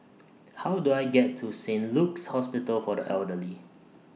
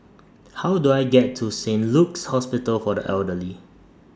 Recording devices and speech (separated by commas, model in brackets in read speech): mobile phone (iPhone 6), standing microphone (AKG C214), read sentence